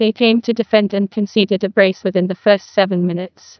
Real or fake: fake